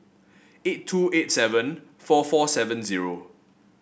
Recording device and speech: boundary microphone (BM630), read sentence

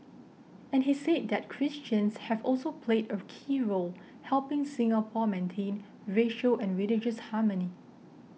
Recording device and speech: mobile phone (iPhone 6), read sentence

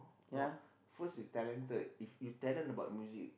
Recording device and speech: boundary microphone, conversation in the same room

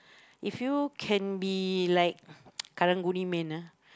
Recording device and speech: close-talking microphone, conversation in the same room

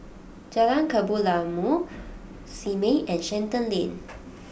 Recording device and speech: boundary microphone (BM630), read sentence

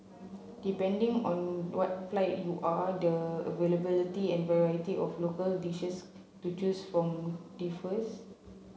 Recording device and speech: mobile phone (Samsung C7), read sentence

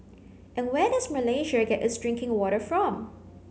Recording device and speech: mobile phone (Samsung C9), read sentence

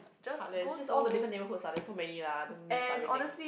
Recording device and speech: boundary microphone, conversation in the same room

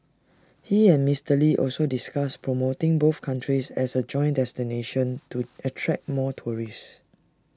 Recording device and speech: standing microphone (AKG C214), read sentence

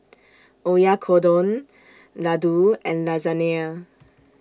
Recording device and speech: standing microphone (AKG C214), read sentence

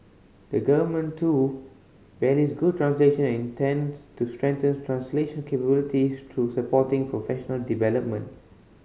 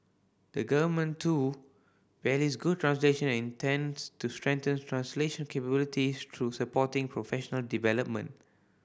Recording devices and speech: mobile phone (Samsung C5010), boundary microphone (BM630), read sentence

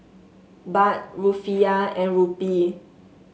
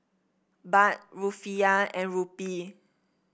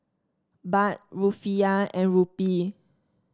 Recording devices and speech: mobile phone (Samsung S8), boundary microphone (BM630), standing microphone (AKG C214), read sentence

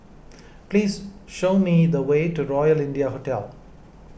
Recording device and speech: boundary microphone (BM630), read sentence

